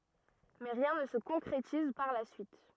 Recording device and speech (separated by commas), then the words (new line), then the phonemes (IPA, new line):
rigid in-ear microphone, read sentence
Mais rien ne se concrétise par la suite.
mɛ ʁjɛ̃ nə sə kɔ̃kʁetiz paʁ la syit